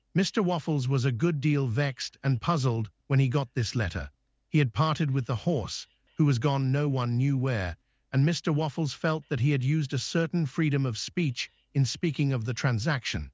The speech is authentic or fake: fake